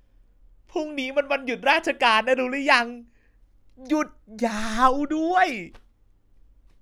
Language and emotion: Thai, happy